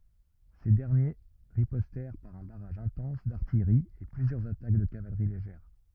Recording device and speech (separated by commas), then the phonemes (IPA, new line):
rigid in-ear microphone, read sentence
se dɛʁnje ʁipɔstɛʁ paʁ œ̃ baʁaʒ ɛ̃tɑ̃s daʁtijʁi e plyzjœʁz atak də kavalʁi leʒɛʁ